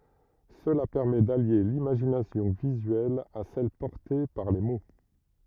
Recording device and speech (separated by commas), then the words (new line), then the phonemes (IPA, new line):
rigid in-ear microphone, read sentence
Cela permet d'allier l'imagination visuelle à celle portée par les mots.
səla pɛʁmɛ dalje limaʒinasjɔ̃ vizyɛl a sɛl pɔʁte paʁ le mo